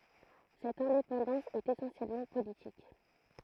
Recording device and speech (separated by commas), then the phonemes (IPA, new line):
throat microphone, read sentence
sɛt ɛ̃depɑ̃dɑ̃s ɛt esɑ̃sjɛlmɑ̃ politik